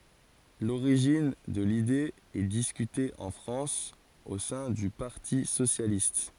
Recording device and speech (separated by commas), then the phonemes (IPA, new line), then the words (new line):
forehead accelerometer, read sentence
loʁiʒin də lide ɛ diskyte ɑ̃ fʁɑ̃s o sɛ̃ dy paʁti sosjalist
L'origine de l'idée est discutée en France au sein du Parti socialiste.